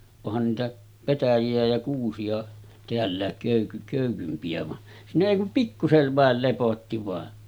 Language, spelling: Finnish, onhan niitä petäjiä ja kuusia täälläkin - köykympiä vaan siinä ei kuin pikkuisen vain lepotti vain
- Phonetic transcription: ohan niitä , 'petäji₍ä ja 'kuusi₍a , 'teällä̀ek kö̀yky- kö̀ykympi₍ä « va , siinä èi kum 'pikkusev vàel lepotti vàe .

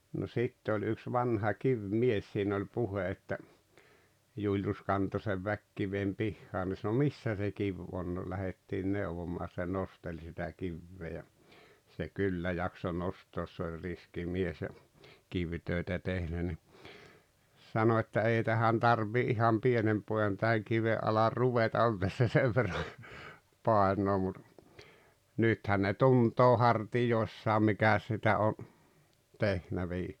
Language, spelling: Finnish, no sitten oli yksi vanha kivimies siinä oli puhe että Julius kantoi sen väkikiven pihaan ne sanoi missä se kivi on no lähdettiin neuvomaan se nosteli sitä kiveä ja se kyllä jaksoi nostaa se oli riski mies ja kivitöitä tehnyt niin sanoi että ei tähän tarvitsee ihan pienen pojan tähän kiven alle ruveta on tässä sen verran painoa mutta nythän ne tuntee hartioissaan mikäs sitä on tehnyt -
- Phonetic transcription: no 'sitte ‿oĺ yks 'vanha 'kiv"mies siin ‿oĺ 'puhe että , 'Juuljus 'kanto sev "väkkivem 'pihhaan ne sano » "missä se "kiv on « no 'lähettiin "neuvomaa se 'nosteĺ sitä 'kivvee ja , se "kyllä 'jakso 'nostoos se oĺ 'riski 'mies ja , 'kivtö̀i̬tä 'tehnä ni , 'sano että » 'ei tähän "tarv̀ii 'iham "pienem 'poojan tähäŋ 'kive’ ’alar "ruveta on tässä "sev verra , 'pàeǹoo « mut , 'nythän ne "tunt̀oo 'hartijòissaam̆ 'mikäs sitä o , 'tehnä vii- .

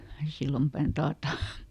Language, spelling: Finnish, Sillanpään taata
- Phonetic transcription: ˈSillampä̀n ˈtaata .

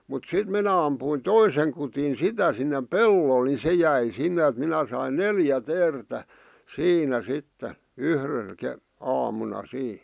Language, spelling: Finnish, mutta sitten minä ammuin toisen kudin sitä sinne pellolle niin se jäi sinne että minä sain neljä teeriä siinä sitten yhdellä - aamuna siinä
- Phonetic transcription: mut "sit minä ampuin 'toiseŋ kutin "sitä sinneᵐ "pellol ni 'se jäi 'sinne ᵃ̈t 'minä sain "neljä 'teertä , "siinä 'sitte , 'yhr̥l ke- , 'aamuna 'sii .

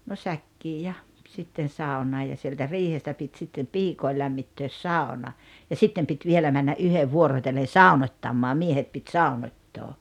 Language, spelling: Finnish, no säkkiin ja sitten saunaan ja sieltä riihestä piti sitten piikojen lämmittää sauna ja sitten piti vielä mennä yhden vuorotellen saunottamaan miehet piti saunottaa
- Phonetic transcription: no 'säkkii ja , 'sitten̬ 'sàuǹaa ja sieltä "riihestä pit 'sittem "piikoi lämmittöös "sàona , ja "sittem pit 'vielä männa '’yhev "vuorotellen̬ "sàunot́t́ammaa 'miehet pit "sàunot́t́oo .

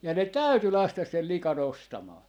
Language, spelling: Finnish, ja ne täytyi laskea sen likan ostamaan
- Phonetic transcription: ja ne "täyty 'lastas sel "likàn ‿ostamaa .

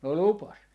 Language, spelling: Finnish, no lupasi
- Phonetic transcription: 'no "lupas .

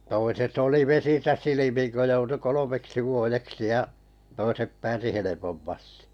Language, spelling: Finnish, toiset oli vesissä silmin kun joutui kolmeksi vuodeksi ja toiset pääsi helpommasti
- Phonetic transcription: toiset oli 'vesisä "silimiŋ kö 'joutu "kolomeksi 'vuojeksi ja , 'toisep 'pääsi helepommastɪ .

